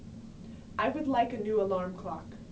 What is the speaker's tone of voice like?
neutral